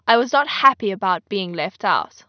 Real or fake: real